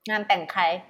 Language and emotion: Thai, frustrated